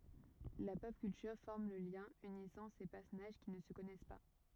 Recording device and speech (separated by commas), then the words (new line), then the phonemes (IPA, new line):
rigid in-ear microphone, read sentence
La pop culture forme le lien unissant ces personnages qui ne se connaissent pas.
la pɔp kyltyʁ fɔʁm lə ljɛ̃ ynisɑ̃ se pɛʁsɔnaʒ ki nə sə kɔnɛs pa